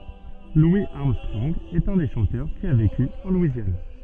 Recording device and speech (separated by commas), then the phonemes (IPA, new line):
soft in-ear microphone, read sentence
lwi aʁmstʁɔ̃ɡ ɛt œ̃ de ʃɑ̃tœʁ ki a veky ɑ̃ lwizjan